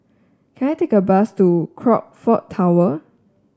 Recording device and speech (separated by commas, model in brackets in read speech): standing microphone (AKG C214), read sentence